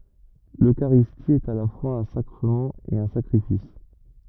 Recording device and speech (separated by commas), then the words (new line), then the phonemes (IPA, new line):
rigid in-ear microphone, read sentence
L’Eucharistie est à la fois un sacrement et un sacrifice.
løkaʁisti ɛt a la fwaz œ̃ sakʁəmɑ̃ e œ̃ sakʁifis